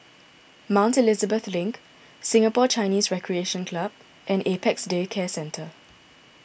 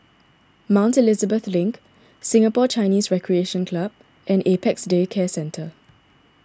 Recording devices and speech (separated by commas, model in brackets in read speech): boundary microphone (BM630), standing microphone (AKG C214), read sentence